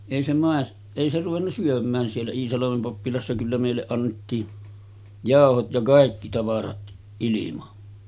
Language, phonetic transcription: Finnish, èi se màes- , 'èi se ruvenna 'syöm̆mään siellä 'Iisalamem pappilassa kyllä mèilleˀ 'ˀannettii , "jàohot ja 'kàikki tavarat ’ilima .
- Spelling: ei se - ei se ruvennut syömään siellä Iisalmen pappilassa kyllä meille annettiin jauhot ja kaikki tavarat ilman

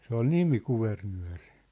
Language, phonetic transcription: Finnish, 'se ‿ol "nimi 'Kuvernyä̭ri .
- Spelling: se oli nimi Kuvernööri

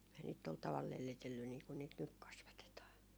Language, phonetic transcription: Finnish, ei niit 'tol taval 'lellitelly nii kun niit "nyk 'kasvatetaa .
- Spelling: ei niitä tuolla tavalla lellitellyt niin kuin niitä nyt kasvatetaan

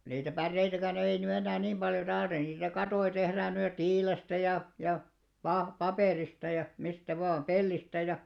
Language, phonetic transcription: Finnish, niitä 'pärreitäkän ‿ei ny 'ennää 'niim ʙaljo ('tarvita) , niitä 'katoi tehrään nyj̆ jo "tiilestä ja , ja , pa- 'papèrista ja , 'mistä vaa , "pellistä ja ,.
- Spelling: niitä päreitäkään ei nyt enää niin paljon tarvita niitä kattoja tehdään nyt jo tiilestä ja ja - paperista ja mistä vain pellistä ja

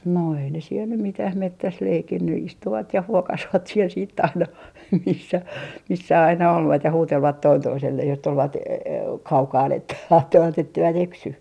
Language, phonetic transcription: Finnish, no ei ne siel nym 'mitäh "mettäs 'leikinny 'istuvat ja 'huokasvat siel siit't ‿aina 'missä , 'missä aina olvat ja 'huutelvat 'toin 'toiselleh jos tulvat e- , "kaukaan että , 'kattovat etteivät "eksy .
- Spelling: no ei ne siellä nyt mitään metsässä leikkinyt istuvat ja huokasivat siellä sitten aina missä missä aina olivat ja huutelivat toinen toiselleen jos tulivat - kaukana että katsoivat että eivät eksy

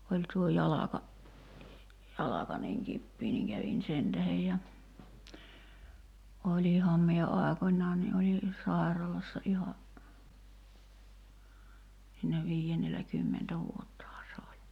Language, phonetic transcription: Finnish, 'oĺ tuo "jalaka , 'jalaka niŋ 'kippii niŋ 'kävin "sen tähej ja , 'oĺiham mie 'àekon̆́ńaa ni ’oli , "sài̬ralassa '’iha , (sii)nä 'vii₍ennel̆lä kymmentä 'vuottahaa se oĺ .
- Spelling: oli tuo jalka jalka niin kipeä niin kävin sen tähden ja olinhan minä aikoinaan niin olin sairaalassa ihan siinä viidennellä kymmentä vuottahan se oli

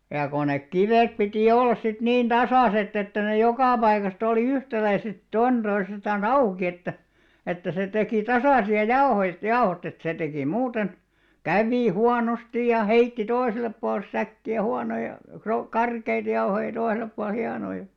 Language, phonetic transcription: Finnish, ja ko nek 'kivèt piti 'ollas sit 'niin "tasàsett ‿että ne "jokà paikastᵃ oli "yhtäläiset 'toinᴅoisestan̬"s ‿auki että , että se tekì "tasàsi₍a "jao̭hoist 'jao̭hot ‿et 'se tekì 'muuten , "kävì 'huanostij̆ ja "heitti 'toisellep puals 'säkki₍ä 'huanoja , kro- , "karkeit jauhoij ja 'toisel̆lep pual 'hianoi .
- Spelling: ja kun ne kivet piti olla sitten niin tasaiset että ne joka paikasta oli yhtäläiset toinen toisestansa auki että että se teki tasaisia jauhoista jauhot että se teki muuten kävi huonosti ja heitti toiselle puolen säkkiä huonoja - karkeita jauhoja ja toiselle puolen hienoja

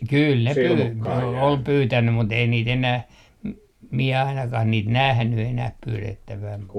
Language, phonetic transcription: Finnish, kyl ne pyy- , pyy- , ol 'pyytänny mut ‿ei niit enäh , 'miɛ 'ainakah niit "nähny 'enäh 'pyylettäväm mu -
- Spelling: kyllä ne - - oli pyytänyt mutta ei niitä enää minä ainakaan niitä nähnyt enää pyydettävän -

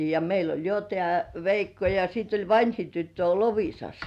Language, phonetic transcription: Finnish, ja meil ‿oĺ jo tĕä̀ "Veikko ja sit ‿oĺ "vańhi 'tyttö o "Lovi̳§sas .
- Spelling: ja meillä oli jo tämä Veikko ja sitten oli vanhin tyttö on Loviisassa

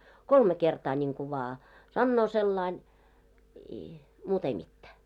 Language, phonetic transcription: Finnish, kolme kertaa ńiŋku vaa , 'sannoo sellain , i , 'muut ‿ei mittää .
- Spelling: kolme kertaa niin kuin vain sanoo sillä lailla i muuta ei mitään

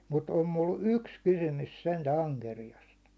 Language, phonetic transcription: Finnish, mut om mul "yks 'kysymys sentä 'aŋkerijast .
- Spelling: mutta on minulla yksi kysymys sentään ankeriaasta

